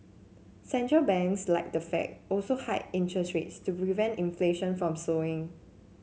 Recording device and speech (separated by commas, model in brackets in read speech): mobile phone (Samsung C7), read sentence